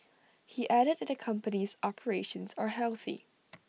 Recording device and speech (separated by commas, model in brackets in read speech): mobile phone (iPhone 6), read sentence